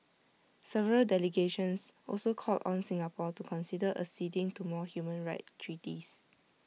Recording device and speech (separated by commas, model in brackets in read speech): mobile phone (iPhone 6), read sentence